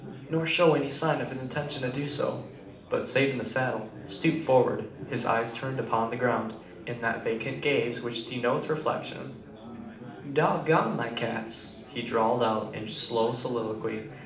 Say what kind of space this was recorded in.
A moderately sized room (about 5.7 m by 4.0 m).